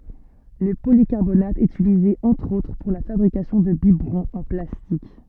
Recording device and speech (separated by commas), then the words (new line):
soft in-ear microphone, read sentence
Le polycarbonate est utilisé entre autres pour la fabrication de biberons en plastique.